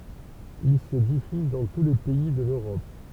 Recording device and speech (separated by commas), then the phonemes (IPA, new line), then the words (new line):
temple vibration pickup, read sentence
il sə difyz dɑ̃ tu le pɛi də løʁɔp
Ils se diffusent dans tous les pays de l'Europe.